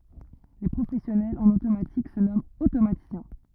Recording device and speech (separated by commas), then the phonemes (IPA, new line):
rigid in-ear microphone, read sentence
le pʁofɛsjɔnɛlz ɑ̃n otomatik sə nɔmɑ̃t otomatisjɛ̃